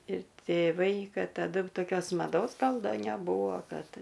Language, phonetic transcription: Lithuanian, ir tėˈvai ˈkad taˈdu toˈkios maˈdos ˈgal ˈda neˈbūvo ˈkad

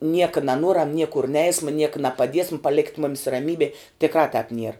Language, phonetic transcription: Lithuanian, ˈnieka naˈnuoram ˈniekur ˈneisma ˈnieka napaˈdiesm paˈlekit ˈmomis raˈmybė tikˈrā tāp nier

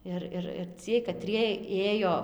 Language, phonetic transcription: Lithuanian, ˈir ˈir ir ˈciej kaˈtriej ˈėjo

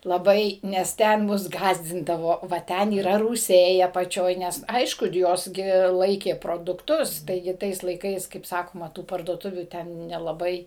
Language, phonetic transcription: Lithuanian, laˈbai nes ˈten ˈmus ˈgąsdindavo va ˈten yˈra rūˈsiai apaˈčioj ˈnes ˈaišku ˈjos gi ˈlaikė produkˈtus ˈtaigi ˈtais laiˈkais kaip ˈsakoma tų parduoˈtuvių ˈten nelaˈbai

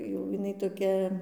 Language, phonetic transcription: Lithuanian, jau jiˈnai toˈkia

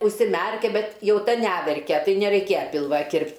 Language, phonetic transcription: Lithuanian, užsiˈmærkia ˈbet ˈjau ˈta ˈnæverkia ˈtai nereiˈkėja ˈpilva ˈkirpt'

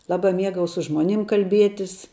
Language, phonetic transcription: Lithuanian, ˈlaba ˈmiegau su ˈžmoˌnim kalˈbietis

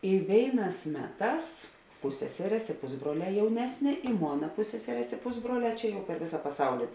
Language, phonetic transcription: Lithuanian, i ˈvėiˌnās ˈmeˌtās ˈpusseserės i ˈpusbruoˌlē ˈjaunesˌnė i ˈmona ˈpusseserės i ˈpusbruoˌlē ˈčia jau per ˈvėsa paˈsauli

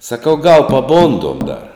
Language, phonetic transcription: Lithuanian, saˈkau gal paˈbondom dar

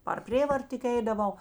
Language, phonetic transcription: Lithuanian, par ˈprėvart tik ˈeidaˌvau

